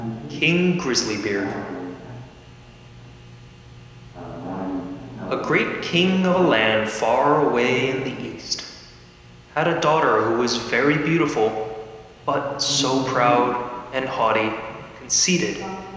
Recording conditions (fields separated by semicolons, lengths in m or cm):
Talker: one person; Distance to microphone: 1.7 m; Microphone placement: close; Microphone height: 1.0 m; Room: very reverberant, large; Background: television